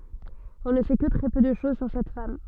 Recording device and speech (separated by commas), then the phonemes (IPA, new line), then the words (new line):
soft in-ear microphone, read sentence
ɔ̃ nə sɛ kə tʁɛ pø də ʃoz syʁ sɛt fam
On ne sait que très peu de choses sur cette femme.